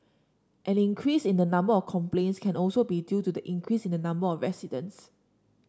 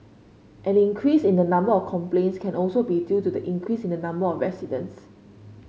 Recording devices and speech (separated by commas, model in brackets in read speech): standing microphone (AKG C214), mobile phone (Samsung C5), read sentence